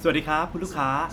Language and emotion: Thai, happy